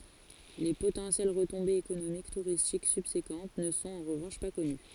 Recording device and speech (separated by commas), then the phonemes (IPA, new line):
forehead accelerometer, read sentence
le potɑ̃sjɛl ʁətɔ̃bez ekonomik tuʁistik sybsekɑ̃t nə sɔ̃t ɑ̃ ʁəvɑ̃ʃ pa kɔny